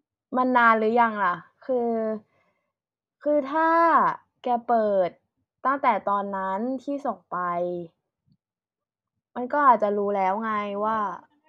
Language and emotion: Thai, frustrated